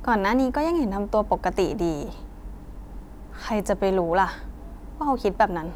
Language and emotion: Thai, frustrated